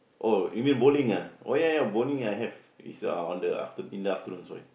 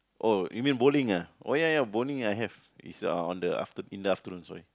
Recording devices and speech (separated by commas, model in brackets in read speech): boundary microphone, close-talking microphone, conversation in the same room